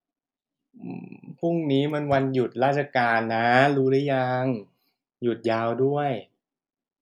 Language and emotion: Thai, frustrated